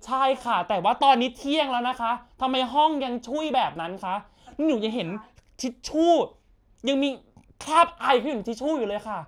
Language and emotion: Thai, angry